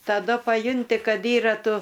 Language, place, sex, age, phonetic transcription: Lithuanian, Aukštaitija, female, 60+, taˈdu paˈjunti ˈkad ˈyra ˈtu

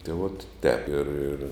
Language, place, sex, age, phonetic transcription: Lithuanian, Žemaitija, male, 60+, tė vot tēp ir ir

